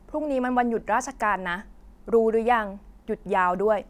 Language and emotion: Thai, frustrated